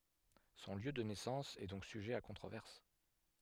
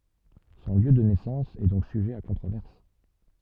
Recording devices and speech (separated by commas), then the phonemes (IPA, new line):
headset microphone, soft in-ear microphone, read sentence
sɔ̃ ljø də nɛsɑ̃s ɛ dɔ̃k syʒɛ a kɔ̃tʁovɛʁs